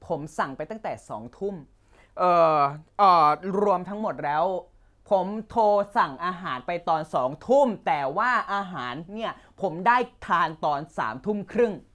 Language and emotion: Thai, angry